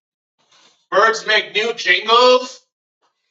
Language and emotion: English, angry